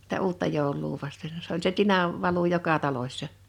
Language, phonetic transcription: Finnish, [si]tä 'uutta 'jòoluu vasten s ‿oĺ se 'tinav , 'valu 'joka 'talośsa .
- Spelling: sitä uutta joulua vasten se oli se tinan valu joka talossa

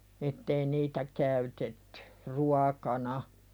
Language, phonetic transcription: Finnish, ettei 'niitä käytettʏ , "ruakana .
- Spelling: että ei niitä käytetty ruokana

